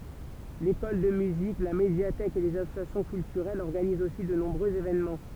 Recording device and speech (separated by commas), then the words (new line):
temple vibration pickup, read sentence
L'école de musique, la médiathèque et les associations culturelles organisent aussi de nombreux événements.